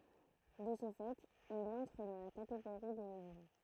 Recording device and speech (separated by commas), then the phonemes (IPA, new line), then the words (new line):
throat microphone, read sentence
də sə fɛt il ɑ̃tʁ dɑ̃ la kateɡoʁi de leɡym
De ce fait, il entre dans la catégorie des légumes.